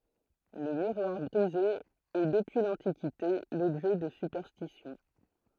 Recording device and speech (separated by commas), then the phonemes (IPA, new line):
throat microphone, read sentence
lə miʁwaʁ bʁize ɛ dəpyi lɑ̃tikite lɔbʒɛ də sypɛʁstisjɔ̃